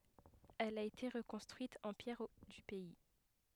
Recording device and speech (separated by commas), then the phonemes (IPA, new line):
headset microphone, read sentence
ɛl a ete ʁəkɔ̃stʁyit ɑ̃ pjɛʁ dy pɛi